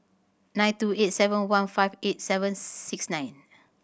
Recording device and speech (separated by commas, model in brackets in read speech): boundary microphone (BM630), read sentence